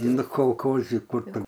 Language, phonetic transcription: Lithuanian, ˈnu kolˈkozi ˈkur tu

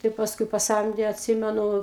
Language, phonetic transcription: Lithuanian, tai pasˈkui paˈsamdė atˈsimenu

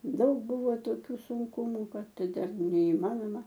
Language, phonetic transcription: Lithuanian, ˈdaug ˈbuvo toˈkių sunˈkumu ˈkad ˈten neiˈmanoma

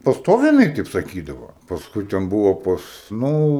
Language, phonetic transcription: Lithuanian, paˈstoviai jiˈnai ˈteip saˈkydavo pasˈkui ten ˈbuvo ˈpas ˈnū

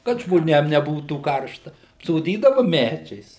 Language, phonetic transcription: Lithuanian, kad žmoˈnėm neˈbūtų ˈkaršta apsoˈdydava ˈmædžiais

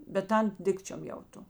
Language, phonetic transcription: Lithuanian, bet ˈtan ˈdikčiom jauˈto

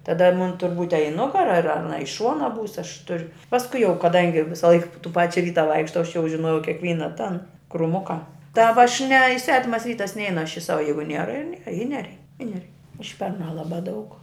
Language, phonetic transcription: Lithuanian, taˈda mun tur būt' a i ˈnugara ar aˈna i ˈšuona būs aš tur' pasˈkui jau kaˈdangi ˈvisalaik tų ˈpačia ˈvyta ˈvaikštau aš jau žiˈnojau kekˈvyna tan kruˈmuka ta va aš ne i ˈsvetimas ˈvytas ˈneinu aš i ˈsava ˈjeigu ˈniera ir ˈniera i ˈnerei i neˈrei ˈužpernā ˈlabā daug

